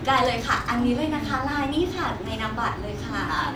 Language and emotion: Thai, happy